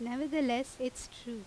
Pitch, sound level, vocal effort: 250 Hz, 86 dB SPL, loud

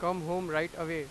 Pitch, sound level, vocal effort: 165 Hz, 98 dB SPL, very loud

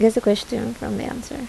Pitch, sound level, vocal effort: 240 Hz, 76 dB SPL, soft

